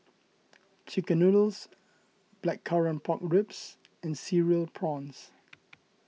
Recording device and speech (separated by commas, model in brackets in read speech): mobile phone (iPhone 6), read sentence